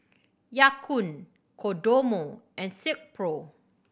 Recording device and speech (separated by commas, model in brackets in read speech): boundary microphone (BM630), read sentence